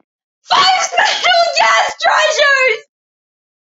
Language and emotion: English, sad